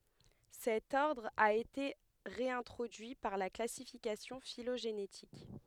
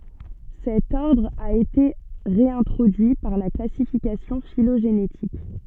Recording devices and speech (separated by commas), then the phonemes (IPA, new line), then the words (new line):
headset microphone, soft in-ear microphone, read sentence
sɛt ɔʁdʁ a ete ʁeɛ̃tʁodyi paʁ la klasifikasjɔ̃ filoʒenetik
Cet ordre a été réintroduit par la classification phylogénétique.